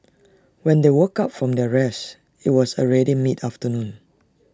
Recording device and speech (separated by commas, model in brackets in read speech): standing microphone (AKG C214), read sentence